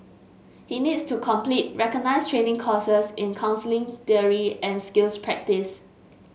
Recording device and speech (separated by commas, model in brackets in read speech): mobile phone (Samsung S8), read sentence